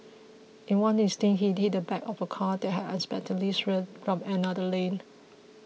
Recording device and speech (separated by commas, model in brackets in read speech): mobile phone (iPhone 6), read sentence